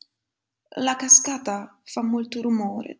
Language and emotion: Italian, sad